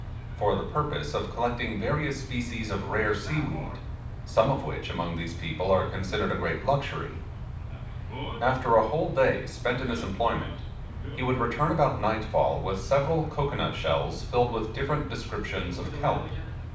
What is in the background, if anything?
A television.